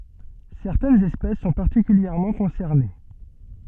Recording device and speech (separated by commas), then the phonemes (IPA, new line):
soft in-ear microphone, read sentence
sɛʁtɛnz ɛspɛs sɔ̃ paʁtikyljɛʁmɑ̃ kɔ̃sɛʁne